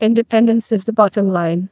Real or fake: fake